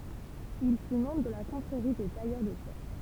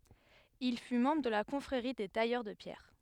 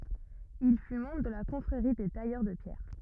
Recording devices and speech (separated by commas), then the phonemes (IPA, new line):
temple vibration pickup, headset microphone, rigid in-ear microphone, read sentence
il fy mɑ̃bʁ də la kɔ̃fʁeʁi de tajœʁ də pjɛʁ